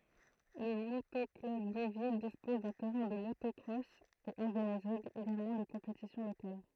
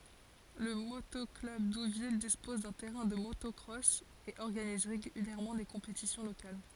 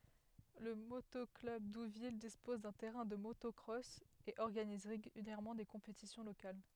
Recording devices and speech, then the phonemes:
throat microphone, forehead accelerometer, headset microphone, read sentence
lə moto klœb duvil dispɔz dœ̃ tɛʁɛ̃ də motɔkʁɔs e ɔʁɡaniz ʁeɡyljɛʁmɑ̃ de kɔ̃petisjɔ̃ lokal

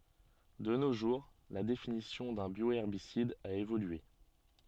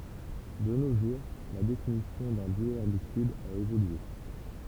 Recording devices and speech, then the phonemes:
soft in-ear microphone, temple vibration pickup, read sentence
də no ʒuʁ la definisjɔ̃ dœ̃ bjoɛʁbisid a evolye

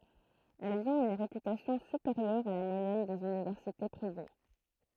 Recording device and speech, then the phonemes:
throat microphone, read sentence
ɛlz ɔ̃t yn ʁepytasjɔ̃ sypeʁjœʁ a la mwajɛn dez ynivɛʁsite pʁive

